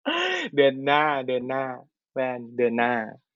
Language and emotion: Thai, happy